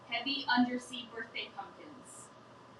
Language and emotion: English, angry